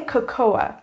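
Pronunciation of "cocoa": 'Cocoa' is pronounced incorrectly here.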